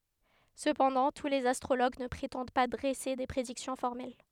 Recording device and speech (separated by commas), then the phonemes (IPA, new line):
headset microphone, read sentence
səpɑ̃dɑ̃ tu lez astʁoloɡ nə pʁetɑ̃d pa dʁɛse de pʁediksjɔ̃ fɔʁmɛl